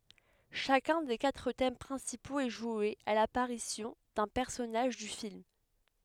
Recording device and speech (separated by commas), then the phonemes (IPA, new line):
headset microphone, read sentence
ʃakœ̃ de katʁ tɛm pʁɛ̃sipoz ɛ ʒwe a lapaʁisjɔ̃ dœ̃ pɛʁsɔnaʒ dy film